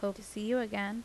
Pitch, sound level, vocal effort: 210 Hz, 82 dB SPL, normal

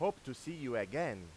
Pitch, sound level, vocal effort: 130 Hz, 95 dB SPL, loud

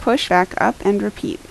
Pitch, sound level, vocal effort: 220 Hz, 79 dB SPL, normal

